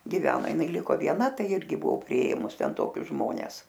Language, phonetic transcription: Lithuanian, giˈveno jiˈnai ˈliko vieˈna ˈtai ˈirgi buˈo priˈėmus ˈten ˈtokius ˈžmones

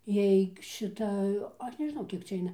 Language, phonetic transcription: Lithuanian, ˈjeig šiˈta ˈaš nežˈnau ˈkiek cia ˈaina

